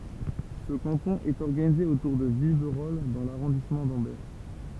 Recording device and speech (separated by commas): temple vibration pickup, read sentence